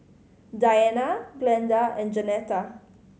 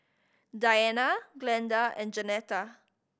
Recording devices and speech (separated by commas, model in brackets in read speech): mobile phone (Samsung C5010), boundary microphone (BM630), read sentence